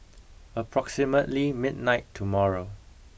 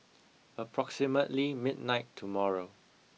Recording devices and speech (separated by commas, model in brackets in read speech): boundary microphone (BM630), mobile phone (iPhone 6), read sentence